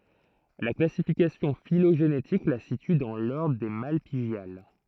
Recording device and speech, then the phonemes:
throat microphone, read sentence
la klasifikasjɔ̃ filoʒenetik la sity dɑ̃ lɔʁdʁ de malpiɡjal

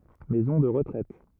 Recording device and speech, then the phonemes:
rigid in-ear microphone, read sentence
mɛzɔ̃ də ʁətʁɛt

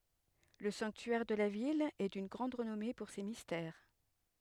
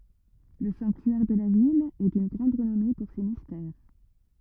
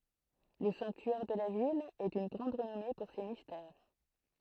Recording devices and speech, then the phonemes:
headset microphone, rigid in-ear microphone, throat microphone, read sentence
lə sɑ̃ktyɛʁ də la vil ɛ dyn ɡʁɑ̃d ʁənɔme puʁ se mistɛʁ

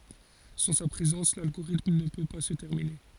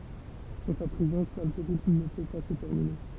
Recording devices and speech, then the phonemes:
forehead accelerometer, temple vibration pickup, read sentence
sɑ̃ sa pʁezɑ̃s lalɡoʁitm nə pø pa sə tɛʁmine

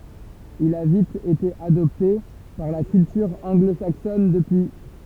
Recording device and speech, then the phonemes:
temple vibration pickup, read sentence
il a vit ete adɔpte paʁ la kyltyʁ ɑ̃ɡlo saksɔn dəpyi

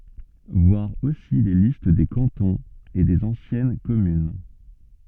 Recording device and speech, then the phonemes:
soft in-ear microphone, read sentence
vwaʁ osi le list de kɑ̃tɔ̃z e dez ɑ̃sjɛn kɔmyn

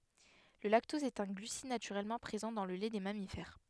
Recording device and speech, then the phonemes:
headset microphone, read sentence
lə laktɔz ɛt œ̃ ɡlysid natyʁɛlmɑ̃ pʁezɑ̃ dɑ̃ lə lɛ de mamifɛʁ

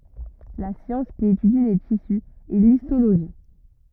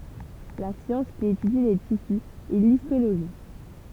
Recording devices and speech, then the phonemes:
rigid in-ear microphone, temple vibration pickup, read sentence
la sjɑ̃s ki etydi le tisy ɛ listoloʒi

